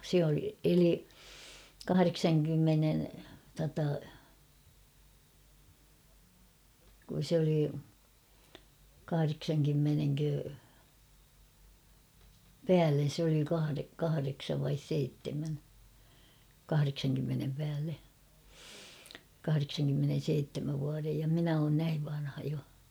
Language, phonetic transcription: Finnish, se ‿ol- 'eli , 'kahareksaŋkymmenen , (tuata) , kun̬ se ‿oli , 'kahareksaŋkymmeneŋkö , 'päällen̬ se ‿oli kahare- 'kahareksav vais 'seittemän , 'kahareksaŋkymmenem päälle , kahareksaŋ-kymmenen̬'seittemäv vuarej ja 'minä oon 'näiv vanha jo .
- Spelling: se - eli kahdeksankymmenen tuota kun se oli kahdeksankymmenenkö päälle se oli - kahdeksan vai seitsemän kahdeksankymmenen päälle kahdeksankymmenenseitsemän vuoden ja minä olen näin vanha jo

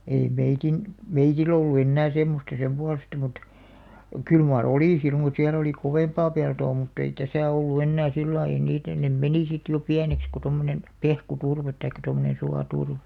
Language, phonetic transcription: Finnish, ei 'meitin , 'meitil ‿ollu "ennää semmosta 'sem pualesta mut , 'kyl ma"r ‿olì 'sil mut 'siäl ‿oli "kovèmpaa 'peltoo mutt ‿ei "täsä̀ ollu 'ennää sillaiʲ ‿ei niitä nem "menì sit jo 'piäneks ku tommonen , 'pehkuturvet taikka tommonen 'sua'turvᴇ .
- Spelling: ei meidän meillä ollut enää semmoista sen puolesta mutta kyllä mar oli sillä mutta siellä oli kovempaa peltoa mutta ei tässä ollut enää sillä lailla ei niitä ne meni sitten jo pieneksi kun tuommoinen pehkuturve tai tuommoinen suoturve

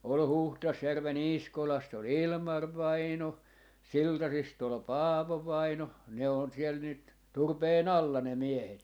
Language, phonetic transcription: Finnish, ol 'Huhlasjärve'n ‿Iiskolast ‿ol "Ilmarvaino , 'Siltasist ‿ol "Paavovaino , 'ne on 'siel nyt , 'turpee"n ‿alla ne 'miehet .
- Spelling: oli Huhdasjärven Iiskolasta oli Ilmari-vainaja Siltasista oli Paavo-vainaja ne on siellä nyt turpeen alla ne miehet

